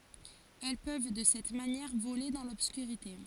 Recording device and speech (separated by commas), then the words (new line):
forehead accelerometer, read sentence
Elles peuvent, de cette manière, voler dans l'obscurité.